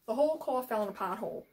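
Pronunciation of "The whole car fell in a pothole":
Many of the L sounds in 'The whole car fell in a pothole' are swallowed.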